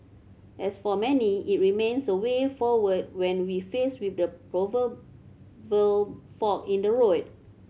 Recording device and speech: mobile phone (Samsung C7100), read sentence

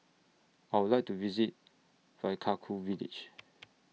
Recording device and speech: mobile phone (iPhone 6), read sentence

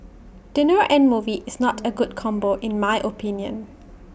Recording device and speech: boundary microphone (BM630), read sentence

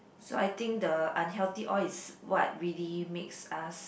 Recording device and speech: boundary microphone, conversation in the same room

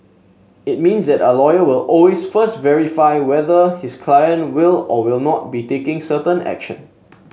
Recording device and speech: mobile phone (Samsung S8), read sentence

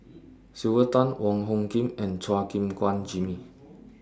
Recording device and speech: standing microphone (AKG C214), read sentence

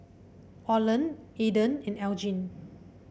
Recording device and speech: boundary microphone (BM630), read sentence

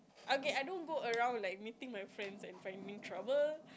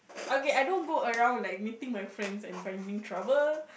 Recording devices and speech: close-talking microphone, boundary microphone, conversation in the same room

